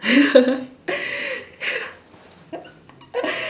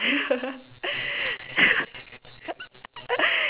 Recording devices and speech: standing microphone, telephone, conversation in separate rooms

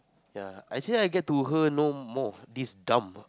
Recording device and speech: close-talking microphone, conversation in the same room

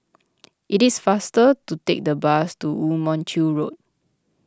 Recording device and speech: close-talking microphone (WH20), read sentence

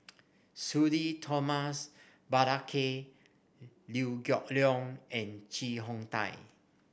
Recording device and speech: boundary microphone (BM630), read sentence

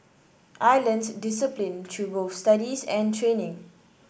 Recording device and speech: boundary microphone (BM630), read sentence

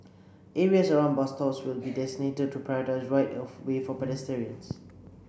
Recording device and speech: boundary microphone (BM630), read sentence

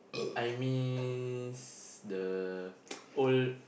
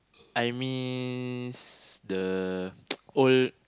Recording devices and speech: boundary microphone, close-talking microphone, conversation in the same room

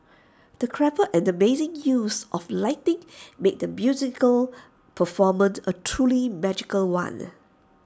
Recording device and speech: standing microphone (AKG C214), read sentence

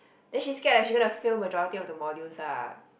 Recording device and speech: boundary microphone, conversation in the same room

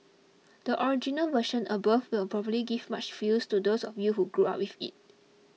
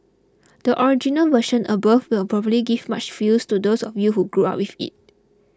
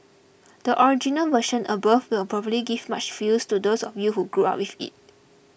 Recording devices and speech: mobile phone (iPhone 6), close-talking microphone (WH20), boundary microphone (BM630), read sentence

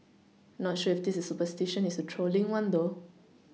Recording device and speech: mobile phone (iPhone 6), read sentence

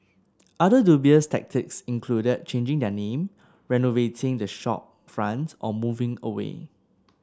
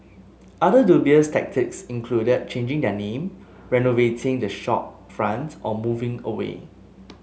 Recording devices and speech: standing microphone (AKG C214), mobile phone (Samsung S8), read sentence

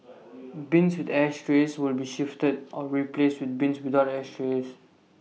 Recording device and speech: mobile phone (iPhone 6), read sentence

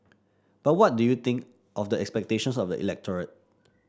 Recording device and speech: standing microphone (AKG C214), read sentence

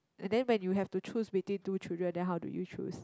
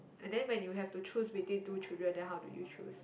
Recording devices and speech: close-talking microphone, boundary microphone, conversation in the same room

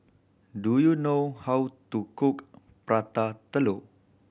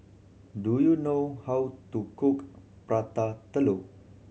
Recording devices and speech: boundary microphone (BM630), mobile phone (Samsung C7100), read sentence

